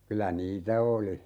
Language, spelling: Finnish, kyllä niitä oli
- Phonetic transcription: 'kylä "niitä 'oli .

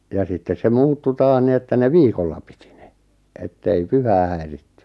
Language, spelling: Finnish, ja sitten se muuttui taas niin että ne viikolla piti ne että ei pyhää häiritty
- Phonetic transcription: ja 'sittes se "muuttu "taah 'ni että 'ne "viikolla pɪtɪ ɴᴇ , ettei "pyhää häirittʏ .

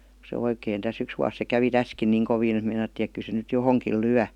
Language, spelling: Finnish, se oikein tässä yksi vuosi se kävi tässäkin niin kovin että meinattiin että kyllä se nyt johonkin lyö
- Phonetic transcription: se 'oikèin täs 'yks vuas se 'kävi "täskin niiŋ 'koviin et meinattiin ‿ek ky se nyt "johoŋkìl 'lyä .

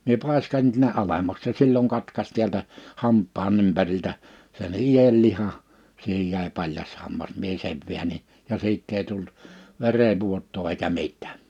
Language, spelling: Finnish, minä paiskasin ne sinne alemmaksi se silloin katkaisi täältä hampaan ympäriltä sen ienlihan siihen jäi paljas hammas minä sen väänsin ja siitä ei tullut verenvuotoa eikä mitään
- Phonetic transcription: mie 'pàiska(sin ne) ᵗhⁱnne '’alemmaks se 'silloŋ 'katkas 'tiältä , 'hamppaa'n ‿ympäriltä , sen 'ijelliha , siihej jä̀e 'paljas hammas mie 'sev viäǹi(n) , ja 'siitt ‿ei tult , 'verevvuot̆too eikä 'mit̆tᴀ̈ᴀ̈ .

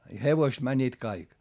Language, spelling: Finnish, ja hevoset menivät kaikki
- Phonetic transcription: i hevoist mäńńiit kaik .

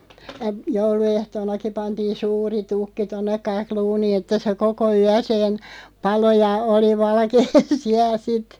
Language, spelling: Finnish, ja jouluehtoonakin pantiin suuri tukki tuonne kakluuniin että se koko yön paloi ja oli valkea siellä sitten
- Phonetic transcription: (ja) , 'joulu₍ehtoonaki 'pantiin̬ "suuri 'tukki 'tonneᵏ 'kakluunii että se "koko 'yäseen̬ , 'palo ja oli 'valkee "siäˡ 'sit .

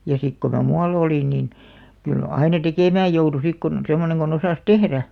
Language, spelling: Finnish, ja sitten kun minä muualla olin niin kyllä aina tekemään joutui sitten kun semmoinen kun osasi tehdä
- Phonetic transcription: ja 'sik ko mä "mua'l ‿olìn nin , kyl 'aina "tekèmääj joutu 'sik kun , 'semmoneŋ ɢon ‿osàs "tehrä .

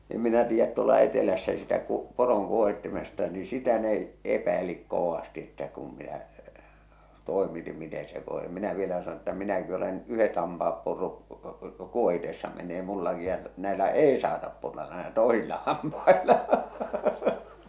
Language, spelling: Finnish, en minä tiedä tuolla etelässä sitä - poron kuohitsemisesta niin sitä ne epäili kovasti että kun minä toimitin miten se kun sen minä vielä sanoin että minäkin olen yhdet hampaat purrut kuohitessa menneet minullakin ja näillä ei saata purra näillä toisilla hampailla
- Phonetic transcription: em minä tiijjät tuola 'etelässä sitä ku- , 'poroŋ 'kuohittemiˢᵉsta ni sitä ne , 'epäilik 'kovasti että kum minä , 'tòemitim mite se ko sem minä 'vielä sano ‿ᵉttä 'minäki olen , 'yhet ha̳a̳mpa₍ap purru’ , 'kuohitessa men̆nee mullaki ja näelä "èi saatap purra näelä "tòesilla hampaela .

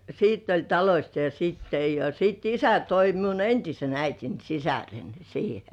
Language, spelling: Finnish, sitten oli talosta jo sitten ja ja sitten isä toi toi minun entisen äitini sisaren siihen
- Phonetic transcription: sitt ‿oĺ "talośt jo siitte ja , ja sìt "isä 'toi 'toi miun "entisen 'äitin "sisären̬ siihe .

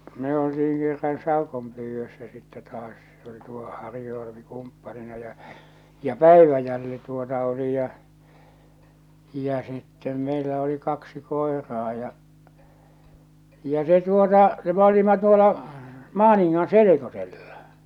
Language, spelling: Finnish, me oltiin kerran saukonpyydössä sitten taas se oli tuo Harju Alpi kumppanina ja ja Päiväjälli tuota oli ja ja sitten meillä oli kaksi koiraa ja ja se tuota se me olimme tuolla Maaningan selkosella
- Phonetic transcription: me olti₍iŋ kerran 'sàokompyyvvössä sittɛ taas se oli tuo 'Harju Alᵃpi 'kumppalina ja , ja "Pä̀iväjälli tuota oli ja , ja sittem meilä oli 'kaksi 'koeraa ja , ja 'se tuota , se m ‿olima 'tuola , 'Maaniŋŋan "selekosellᴀ .

